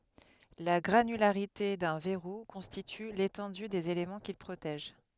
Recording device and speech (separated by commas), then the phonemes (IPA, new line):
headset microphone, read sentence
la ɡʁanylaʁite dœ̃ vɛʁu kɔ̃stity letɑ̃dy dez elemɑ̃ kil pʁotɛʒ